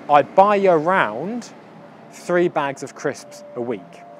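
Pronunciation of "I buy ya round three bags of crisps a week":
A y sound joins 'buy' to 'around', so the two words sound like 'buy ya round'.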